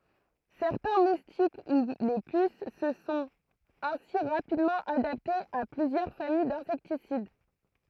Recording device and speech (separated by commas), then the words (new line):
throat microphone, read sentence
Certains moustiques, ou les puces se sont ainsi rapidement adaptés à plusieurs familles d'insecticides.